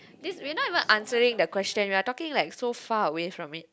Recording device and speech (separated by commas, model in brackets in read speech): close-talking microphone, conversation in the same room